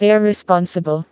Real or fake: fake